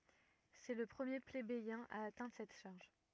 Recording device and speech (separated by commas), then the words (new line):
rigid in-ear microphone, read sentence
C'est le premier plébéien à atteindre cette charge.